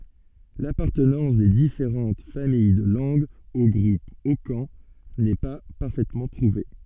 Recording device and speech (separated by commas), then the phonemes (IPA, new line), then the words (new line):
soft in-ear microphone, read sentence
lapaʁtənɑ̃s de difeʁɑ̃t famij də lɑ̃ɡz o ɡʁup okɑ̃ nɛ pa paʁfɛtmɑ̃ pʁuve
L'appartenance des différentes familles de langues au groupe hokan n'est pas parfaitement prouvée.